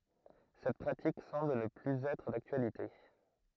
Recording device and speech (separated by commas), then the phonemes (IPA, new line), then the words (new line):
throat microphone, read sentence
sɛt pʁatik sɑ̃bl nə plyz ɛtʁ daktyalite
Cette pratique semble ne plus être d'actualité.